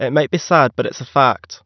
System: none